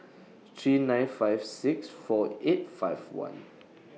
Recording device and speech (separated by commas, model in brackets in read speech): mobile phone (iPhone 6), read sentence